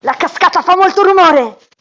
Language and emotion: Italian, angry